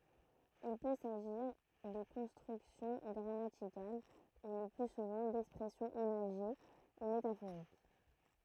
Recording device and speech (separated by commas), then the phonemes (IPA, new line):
throat microphone, read sentence
il pø saʒiʁ də kɔ̃stʁyksjɔ̃ ɡʁamatikal u lə ply suvɑ̃ dɛkspʁɛsjɔ̃z imaʒe u metafoʁik